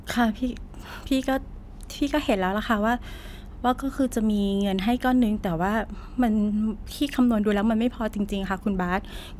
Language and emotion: Thai, sad